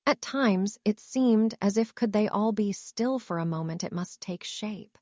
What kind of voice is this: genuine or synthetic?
synthetic